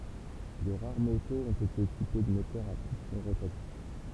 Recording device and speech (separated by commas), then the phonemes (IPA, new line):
temple vibration pickup, read sentence
də ʁaʁ motoz ɔ̃t ete ekipe də motœʁz a pistɔ̃ ʁotatif